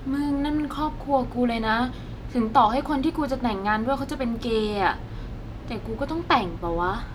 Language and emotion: Thai, frustrated